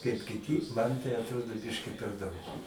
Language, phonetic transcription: Lithuanian, kaip kiˈty ˈman tai atˈrodo ˈbiški per ˈdaug

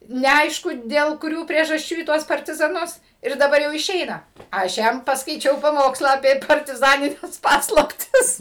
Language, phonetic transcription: Lithuanian, neˈaišku dėl kuˈrių priežasˈčių į ˈtuos partizaˈnus ir daˈbar jau iˈšeina aš ˈjam paskaiˈčiau paˈmokslą apie partiˈzanines ˈpaslaptis

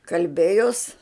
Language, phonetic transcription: Lithuanian, kalˈbėjos

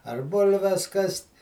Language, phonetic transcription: Lithuanian, ar ˈbulves ˈkast'

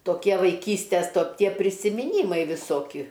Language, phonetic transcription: Lithuanian, toˈkie vaiˈkystes to ˈtie prisimiˈnymai viˈsoki

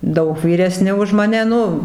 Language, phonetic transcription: Lithuanian, ˈdaug vyreˈsni už maˈne ˈnu

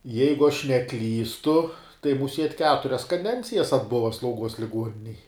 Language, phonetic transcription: Lithuanian, ˈjeigu aš neˈklystu tai muˈsiet' ˈketurias kaˈdencijas atˈbuva slauˈguos liˈguoninej

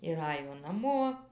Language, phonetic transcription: Lithuanian, ir ˈajo naˈmo

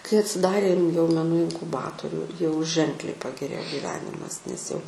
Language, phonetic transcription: Lithuanian, kai atsiˈdarė in jau meˈnų inkuˈbaturiu jauˈ ženkliai pageˈrėjo gyˈvenimas nes jau

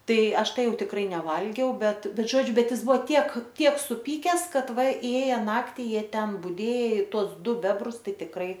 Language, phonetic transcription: Lithuanian, ˈtai ˈaš ˈtai ˈjau tikˈrai neˈvalgiau ˈbet ˈbet ˈžodžiu ˈbet ˈjis ˈbuvo ˈtiek ˈtiek suˈpykes ˈkad ˈva ˈėja ˈnakti ˈjie ˈten buˈdėj ˈtuos ˈdu ˈbebrus ˈtai tikˈrai

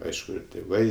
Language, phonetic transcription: Lithuanian, ˈaišku ir tėˈvai

